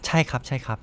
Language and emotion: Thai, neutral